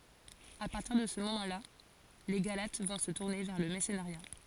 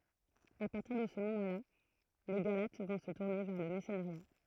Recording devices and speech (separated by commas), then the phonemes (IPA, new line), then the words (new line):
forehead accelerometer, throat microphone, read sentence
a paʁtiʁ də sə momɑ̃ la le ɡalat vɔ̃ sə tuʁne vɛʁ lə mɛʁsənəʁja
A partir de ce moment là, les Galates vont se tourner vers le merceneriat.